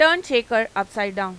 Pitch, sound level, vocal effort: 220 Hz, 97 dB SPL, loud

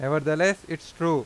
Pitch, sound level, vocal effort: 160 Hz, 93 dB SPL, loud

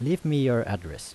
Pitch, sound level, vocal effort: 125 Hz, 83 dB SPL, normal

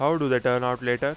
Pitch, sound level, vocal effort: 125 Hz, 93 dB SPL, loud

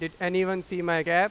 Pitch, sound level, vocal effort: 180 Hz, 99 dB SPL, very loud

